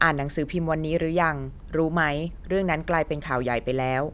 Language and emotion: Thai, neutral